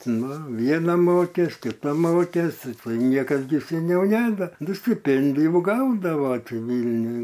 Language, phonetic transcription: Lithuanian, ˈnu ˈviena ˈmokės kiˈta ˈmokės ˈtai ˈniekas gi seˈniau ˈneda du stiˈpėndijų ˈgaudava ti ˈvylniuj

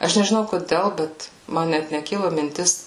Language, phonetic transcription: Lithuanian, ˈaš nežiˈnau koˈdel ˈbet ˈman net neˈkilu minˈtis

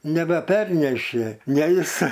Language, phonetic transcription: Lithuanian, nebeˈpernešė ˈne ˈis

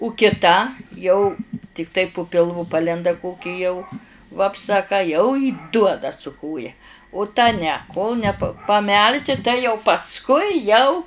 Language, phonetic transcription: Lithuanian, u kiˈta jau tikˈtai pu pilˈvu ˈpalenda ˈkoki jau vapˈsa a ˈką jau i ˈduoda su ˈkoja u ta ne kol ne p paˈmelši tai jau pasˈkui jau

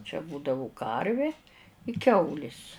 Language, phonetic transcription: Lithuanian, čia ˈbūdavu ˈkarvi i ˈkiaulis

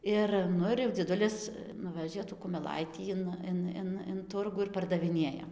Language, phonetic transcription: Lithuanian, ˈir ˈnu ir jau dzieˈdulis ˈnuvežė tų kumeˈlaitį in ˈin in in ˈturgu ir pardaviˈnėja

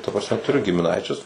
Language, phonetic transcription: Lithuanian, ta prasˈme tuˈriu gimiˈnaičius

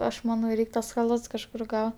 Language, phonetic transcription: Lithuanian, ˈaš maˈnau ˈreik' tuos chaˈlats kažˈkur ˈgau

